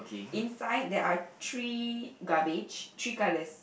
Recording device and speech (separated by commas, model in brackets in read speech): boundary microphone, conversation in the same room